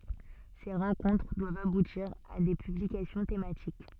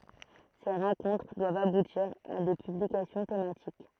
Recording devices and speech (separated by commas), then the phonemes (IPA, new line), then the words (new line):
soft in-ear microphone, throat microphone, read sentence
se ʁɑ̃kɔ̃tʁ dwavt abutiʁ a de pyblikasjɔ̃ tematik
Ces rencontres doivent aboutir à des publications thématiques.